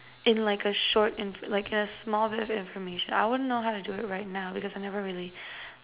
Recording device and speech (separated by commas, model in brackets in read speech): telephone, conversation in separate rooms